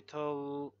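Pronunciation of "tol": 'Talk' is pronounced incorrectly here, with the L sounded instead of silent.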